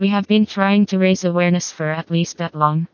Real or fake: fake